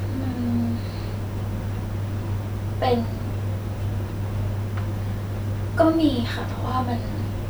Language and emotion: Thai, sad